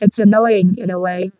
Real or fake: fake